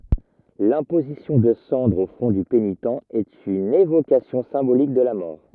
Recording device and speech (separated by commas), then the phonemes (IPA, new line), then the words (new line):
rigid in-ear microphone, read sentence
lɛ̃pozisjɔ̃ də sɑ̃dʁz o fʁɔ̃ dy penitɑ̃ ɛt yn evokasjɔ̃ sɛ̃bolik də la mɔʁ
L'imposition de cendres au front du pénitent est une évocation symbolique de la mort.